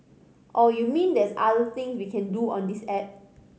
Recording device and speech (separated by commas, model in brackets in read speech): mobile phone (Samsung C5010), read sentence